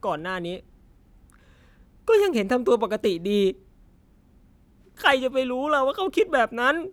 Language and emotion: Thai, sad